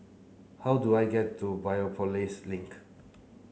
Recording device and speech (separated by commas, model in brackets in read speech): mobile phone (Samsung C9), read sentence